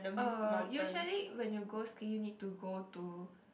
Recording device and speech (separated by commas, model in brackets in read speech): boundary microphone, conversation in the same room